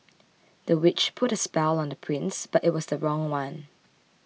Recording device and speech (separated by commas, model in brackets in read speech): mobile phone (iPhone 6), read sentence